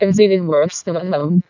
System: VC, vocoder